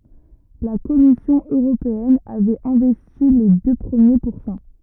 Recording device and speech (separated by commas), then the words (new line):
rigid in-ear microphone, read sentence
La Commission européenne avait investi les deux premiers pourcents.